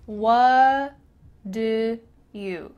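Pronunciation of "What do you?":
In 'What do you', the t at the end of 'what' is cut out and 'what' links straight into 'do'. The words run together, kind of mumbled together.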